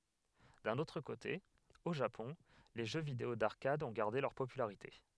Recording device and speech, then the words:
headset microphone, read sentence
D'un autre côté, au Japon, les jeux vidéo d'arcade ont gardé leur popularité.

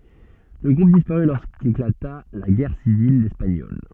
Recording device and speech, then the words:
soft in-ear microphone, read sentence
Le groupe disparut lorsqu'éclata la Guerre civile espagnole.

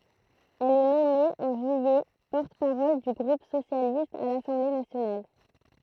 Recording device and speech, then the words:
throat microphone, read sentence
Elle est nommée, en juillet, porte-parole du groupe socialiste à l'Assemblée nationale.

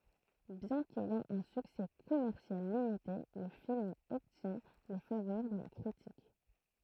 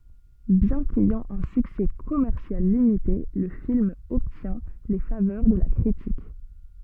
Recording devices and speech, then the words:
throat microphone, soft in-ear microphone, read sentence
Bien qu'ayant un succès commercial limité, le film obtient les faveurs de la critique.

